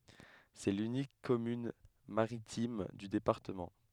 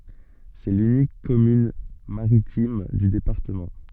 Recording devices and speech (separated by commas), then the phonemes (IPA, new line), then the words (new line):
headset microphone, soft in-ear microphone, read sentence
sɛ lynik kɔmyn maʁitim dy depaʁtəmɑ̃
C'est l'unique commune maritime du département.